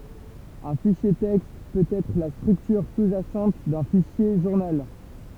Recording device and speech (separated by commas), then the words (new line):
temple vibration pickup, read sentence
Un fichier texte peut être la structure sous-jacente d'un fichier journal.